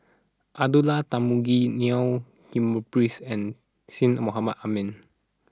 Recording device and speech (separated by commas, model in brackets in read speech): standing microphone (AKG C214), read sentence